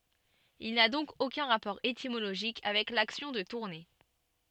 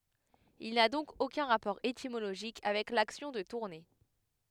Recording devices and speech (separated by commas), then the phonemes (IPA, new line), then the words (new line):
soft in-ear microphone, headset microphone, read sentence
il na dɔ̃k okœ̃ ʁapɔʁ etimoloʒik avɛk laksjɔ̃ də tuʁne
Il n'a donc aucun rapport étymologique avec l'action de tourner.